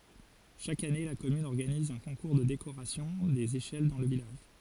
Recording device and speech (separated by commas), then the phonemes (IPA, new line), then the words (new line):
forehead accelerometer, read sentence
ʃak ane la kɔmyn ɔʁɡaniz œ̃ kɔ̃kuʁ də dekoʁasjɔ̃ dez eʃɛl dɑ̃ lə vilaʒ
Chaque année, la commune organise un concours de décoration des échelles dans le village.